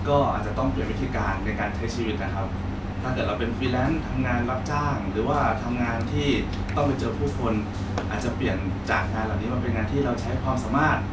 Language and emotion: Thai, neutral